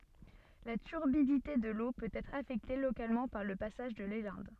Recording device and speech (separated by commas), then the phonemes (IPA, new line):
soft in-ear microphone, read sentence
la tyʁbidite də lo pøt ɛtʁ afɛkte lokalmɑ̃ paʁ lə pasaʒ də lelɛ̃d